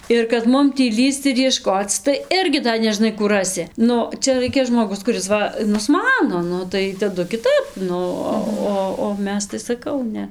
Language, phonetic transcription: Lithuanian, ir kad ˈmum tį ˈlįsc ir jieˈškoc tai ˈirgi da neˈžnai ˈkų ˈrasi ˈnu ˈčia ˈraikia žmoˈgus kuˈris ˈva nusˈmano ˈnu tai taˈdu kiˈtap ˈnu o ˈo o ˈmes tai saˈkau ˈne

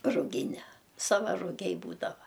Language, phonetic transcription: Lithuanian, ruˈgine ˈsava ruˈgiai ˈbūdava

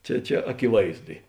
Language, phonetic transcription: Lithuanian, ˈčia ˈčia akiˈvaizdu i

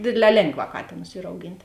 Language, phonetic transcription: Lithuanian, ˈdėdˌlē ˈlėnˌgvā ˈkatėnus ˈyr auˈgint'

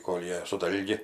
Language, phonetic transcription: Lithuanian, ˈkol' ˈjie su ˈdalgi

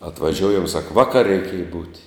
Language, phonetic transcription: Lithuanian, atvaˈžiuojam sak ˈvaˌkar' reiˈkėja būt'

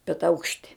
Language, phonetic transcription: Lithuanian, bet ˈaukšti

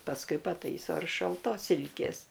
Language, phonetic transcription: Lithuanian, pasˈkui paˈtaiso ir šalˈtos ˈsilkės

